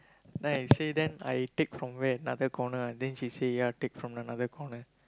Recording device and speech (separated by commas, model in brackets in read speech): close-talking microphone, conversation in the same room